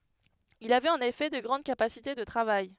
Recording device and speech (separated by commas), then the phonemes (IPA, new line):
headset microphone, read sentence
il avɛt ɑ̃n efɛ də ɡʁɑ̃d kapasite də tʁavaj